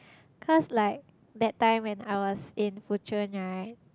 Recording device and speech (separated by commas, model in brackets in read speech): close-talking microphone, conversation in the same room